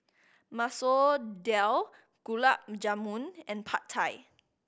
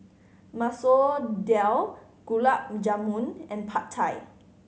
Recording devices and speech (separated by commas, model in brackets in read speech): boundary microphone (BM630), mobile phone (Samsung C5010), read sentence